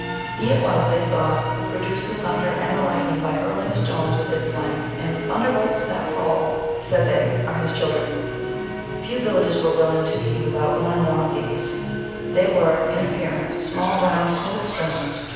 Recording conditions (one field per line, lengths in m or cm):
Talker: one person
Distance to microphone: 7.1 m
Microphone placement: far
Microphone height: 1.7 m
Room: very reverberant, large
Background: television